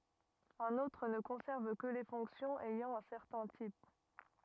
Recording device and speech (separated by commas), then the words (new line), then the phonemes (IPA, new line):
rigid in-ear microphone, read sentence
Un autre ne conserve que les fonctions ayant un certain type.
œ̃n otʁ nə kɔ̃sɛʁv kə le fɔ̃ksjɔ̃z ɛjɑ̃ œ̃ sɛʁtɛ̃ tip